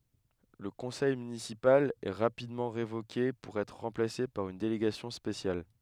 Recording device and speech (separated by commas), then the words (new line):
headset microphone, read sentence
Le conseil municipal est rapidement révoqué pour être remplacé par une délégation spéciale.